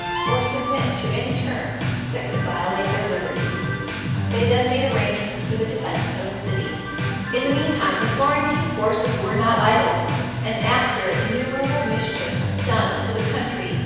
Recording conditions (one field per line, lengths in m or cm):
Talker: one person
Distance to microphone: 7.1 m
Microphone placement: far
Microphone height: 1.7 m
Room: very reverberant, large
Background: music